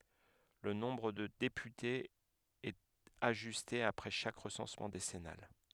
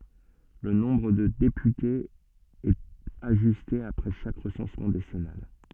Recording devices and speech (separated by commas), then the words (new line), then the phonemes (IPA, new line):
headset microphone, soft in-ear microphone, read sentence
Le nombre de députés est ajusté après chaque recensement décennal.
lə nɔ̃bʁ də depytez ɛt aʒyste apʁɛ ʃak ʁəsɑ̃smɑ̃ desɛnal